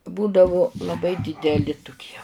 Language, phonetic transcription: Lithuanian, ˈbūdavu laˈbai dideˈli tuˈkie

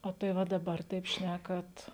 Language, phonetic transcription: Lithuanian, o tai ˈva daˈbar taip ˈšnækat

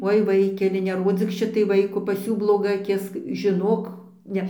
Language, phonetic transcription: Lithuanian, ˈoi ˈvaikeli neˈrodzyk ˈšitai ˈvaiko pas ˈjų bloˈga aˈkis žiˈnok ˈne

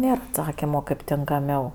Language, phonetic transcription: Lithuanian, ˈnėr atˈsakimo kaip tinkaˈmiau

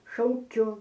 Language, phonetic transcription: Lithuanian, šauˈkiu

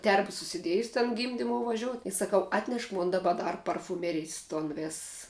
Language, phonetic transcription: Lithuanian, ˈterba susiˈdiejus ten ˈgymdimou vaˈžiout i saˈkau atˈneš ˈmon daˈba ˈdar parfuˈmerijs ˈton ˈvėss

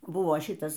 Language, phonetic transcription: Lithuanian, ˈbuvo ˈšitas

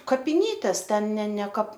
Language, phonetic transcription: Lithuanian, kapiˈnytės ˈten ne ne kap

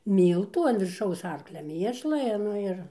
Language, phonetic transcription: Lithuanian, ˈmyltų an virˈšaus ˈarklia ˈmiešla i ˈnu ir

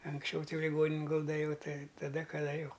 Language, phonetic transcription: Lithuanian, anksˈčiau ˈtai jau liˈgoninin ˈgulda ˈjau ˈtai taˈda kaˈda ˈjau

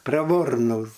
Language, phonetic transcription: Lithuanian, preˈvornūs

